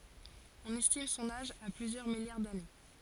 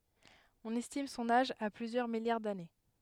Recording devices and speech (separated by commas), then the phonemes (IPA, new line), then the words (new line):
forehead accelerometer, headset microphone, read sentence
ɔ̃n ɛstim sɔ̃n aʒ a plyzjœʁ miljaʁ dane
On estime son âge à plusieurs milliards d'années.